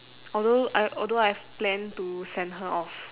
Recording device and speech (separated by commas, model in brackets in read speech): telephone, conversation in separate rooms